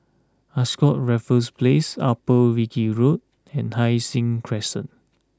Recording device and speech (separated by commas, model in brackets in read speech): close-talking microphone (WH20), read sentence